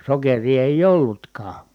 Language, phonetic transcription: Finnish, sokerii èij ‿ollutkaa .
- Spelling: sokeria ei ollutkaan

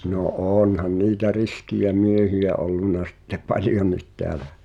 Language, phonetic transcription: Finnish, no "’oonhan niitä 'riskijä 'miehiʲä 'ollunna sⁱtte "paljonnit teälä .
- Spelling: no onhan niitä riskejä miehiä ollut sitten paljonkin täällä

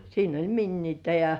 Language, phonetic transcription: Finnish, siin ‿oĺ "minniitä ja .
- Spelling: siinä oli miniää ja

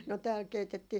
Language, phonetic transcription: Finnish, no tääl 'keitettii ,.
- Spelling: no täällä keitettiin

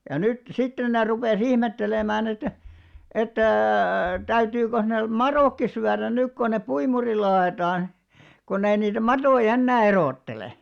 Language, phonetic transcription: Finnish, ja 'nyt , 'sitten ne rupè's ‿ihmettelemään ‿että , että̂ 'täytyyköh ne , "maròkki syärän̆ 'nyk kon ne 'puimurilla a₍etaan , konnei niitä "matoi'ʲ ‿ennää 'eròttele .
- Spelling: ja nyt sitten ne rupesi ihmettelemään että että täytyykö ne madotkin syödä nyt kun ne puimurilla ajetaan kun ei niitä matoja enää erottele

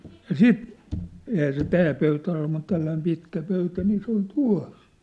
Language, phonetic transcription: Finnish, ja "siit , ehää se "tää pöytä ol mut 'tälläim 'pitkä 'pöytä nii se ‿ol "tua̭s .
- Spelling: ja sitten eihän se tämä pöytä ole mutta tällainen pitkä pöytä niin se oli tuossa

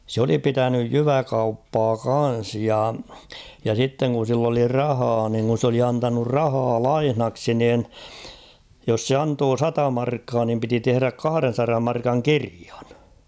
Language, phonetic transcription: Finnish, 'sᵘ ‿oli 'pitänyj "jyvä'kauppaa "kan̬s ja , ja 'sitteŋ kun̬ sill ‿oli "rahaa niŋ kun̬ 's ‿oli antanur 'rahaa "laihnaksi niin , jos 'se antoo "sata 'markkaa nim piti 'tehᵘräk 'kahᵃren̬saram 'markaŋ "kiriᴀɴ .
- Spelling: se oli pitänyt jyväkauppaa kanssa ja ja sitten kun sillä oli rahaa niin kun se oli antanut rahaa lainaksi niin jos se antoi sata markkaa niin piti tehdä kahdensadan markan kirjan

